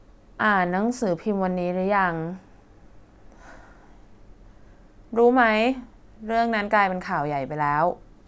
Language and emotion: Thai, neutral